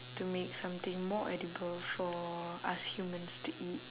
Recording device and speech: telephone, conversation in separate rooms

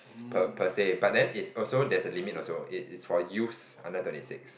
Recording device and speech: boundary microphone, conversation in the same room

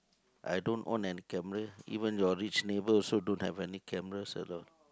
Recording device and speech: close-talking microphone, conversation in the same room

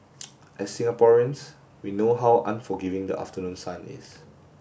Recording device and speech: boundary microphone (BM630), read sentence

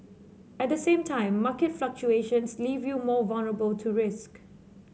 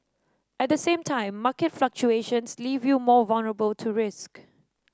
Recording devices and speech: mobile phone (Samsung C7), standing microphone (AKG C214), read sentence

